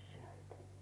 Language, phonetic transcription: Finnish, 'sɪᴇʟtᴀ̈ .
- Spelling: sieltä

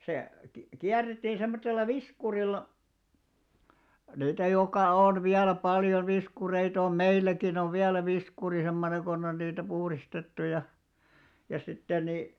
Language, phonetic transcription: Finnish, se ki- , 'kiär̆rettii semmottella "viskurilla , niitä jokà 'on 'viälä paljo 'viskureit ‿om "meilläkin ‿ov 'viälä 'viskuri semmoneḛ ɢon ‿on niitä 'puhristettu ja , ja sitten ni ,.
- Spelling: se - kierrettiin semmoisella viskurilla niitä joka on vielä paljon viskureita on meilläkin on vielä viskuri semmoinen kun on niitä puhdistettu ja ja sitten niin

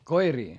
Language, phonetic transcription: Finnish, koirii ?
- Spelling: koiria

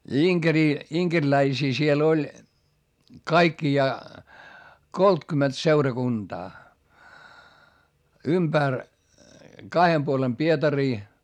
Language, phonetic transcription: Finnish, ja iŋkerii , iŋkerläisii siel ‿oĺ , kaikkijaa , koltkymet seurakunDaa , ymBär , kahem puolem Pietarii .
- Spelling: ja inkeriä inkeriläisiä siellä oli kaikkiaan kolmekymmentä seurakuntaa ympäri kahden puolen Pietaria

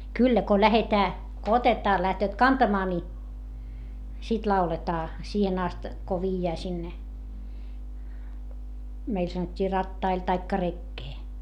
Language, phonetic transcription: Finnish, kyllä ko lähetää , ko otetaa - lähtööt kantamaa ni , sit lauletaa , siihen ‿ast , ko viijjää sinne , meil sanot́t́ii rattail taikka rekkee .
- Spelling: kyllä kun lähdetään kun otetaan lähtevät kantamaan niin sitten lauletaan siihen asti kun viedään sinne meillä sanottiin rattaille tai rekeen

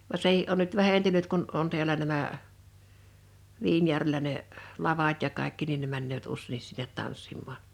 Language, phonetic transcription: Finnish, va 'sehi’ ’on nyt 'vähentynyt 'kun 'on 'ti̬älä nämä , 'Viinjärvelä ne , 'lavat ja 'kàekki nin ne männööt 'ussei(nni)s sinnet 'tanssim̆maaɴ .
- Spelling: vaan sekin on nyt vähentynyt kun on täällä nämä Viinijärvellä ne lavat ja kaikki niin ne menevät useinkin sinne tanssimaan

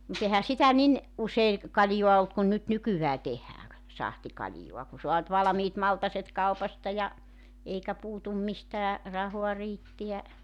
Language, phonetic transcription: Finnish, mu't ‿ehä 'sitä 'nin , '’usei , 'kaljoa olt kun nyt "nykyvää 'tehääŋ ‿k- , 'sahtikaĺjoa ku 'soa nʸt 'valᵃmiit 'maltaset 'kaupasta ja , 'eikä 'puutum 'mistää , 'rahoa 'riittiä ,.
- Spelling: mutta eihän sitä niin usein kaljaa ollut kuin nyt nykyään tehdään - sahtikaljaa kun saa nyt valmiit maltaat kaupasta ja eikä puutu mistään rahaa riittää

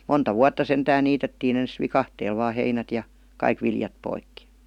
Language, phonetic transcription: Finnish, monta "vuatta 'sentään 'niitettiin ‿ens "vikahteel vaa 'heinät ja , 'kaik viljap poikki .
- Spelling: monta vuotta sentään niitettiin ensin viikatteella vain heinät ja kaikki viljat poikki

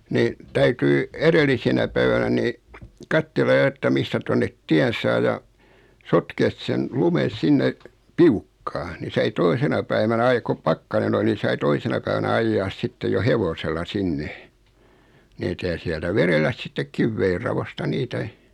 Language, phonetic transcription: Finnish, 'ni , 'täytyi , 'eðellisenä päivänä 'ni , 'kattella jo että 'mistä tonnet 'tiän saa ja , 'sotkees sen , 'lumen̬ 'sinne , "piukkaa ni sai 'toisena päivänä ai koᵖ 'pakkanen ‿ol(i) ni sai 'toi sena päivänä 'aijjas 'sittej jo "hevosella 'sinne , 'nitä ja siɛltä 'verelläs sittek 'kivveirravosta 'niitä ,.
- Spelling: niin täytyi edellisenä päivänä niin katsella jo että mistä tuonne tien saa ja sotkea sen lumen sinne piukkaan niin sai toisena päivänä aina kun pakkanen oli niin sai toisena - päivänä ajaa sitten jo hevosella sinne niitä ja sieltä vedellä sitten kivienraosta niitä

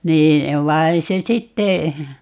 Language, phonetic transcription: Finnish, 'nii , 'vai̮ se 'sitte , .
- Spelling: niin vaan se sitten

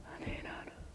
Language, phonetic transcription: Finnish, niin ‿on .
- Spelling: niin on

